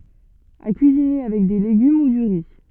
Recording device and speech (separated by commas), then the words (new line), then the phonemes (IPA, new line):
soft in-ear microphone, read sentence
À cuisiner avec des légumes ou du riz.
a kyizine avɛk de leɡym u dy ʁi